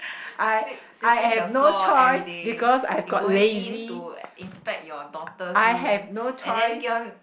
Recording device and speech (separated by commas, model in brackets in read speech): boundary microphone, conversation in the same room